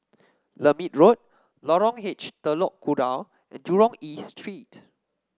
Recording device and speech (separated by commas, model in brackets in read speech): standing microphone (AKG C214), read sentence